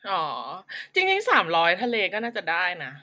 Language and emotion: Thai, happy